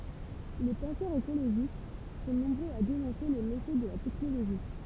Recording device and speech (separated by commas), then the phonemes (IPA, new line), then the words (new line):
temple vibration pickup, read sentence
le pɑ̃sœʁz ekoloʒist sɔ̃ nɔ̃bʁøz a denɔ̃se le mefɛ də la tɛknoloʒi
Les penseurs écologistes sont nombreux à dénoncer les méfaits de la technologie.